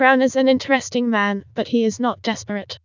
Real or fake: fake